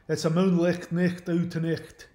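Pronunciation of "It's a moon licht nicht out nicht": Spoken with a Scottish accent, the gh in 'light' and 'night' is pronounced, so the words come out as 'licht' and 'nicht'.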